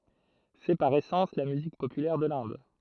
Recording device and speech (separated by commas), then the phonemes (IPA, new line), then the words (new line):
throat microphone, read sentence
sɛ paʁ esɑ̃s la myzik popylɛʁ də lɛ̃d
C'est, par essence, la musique populaire de l'Inde.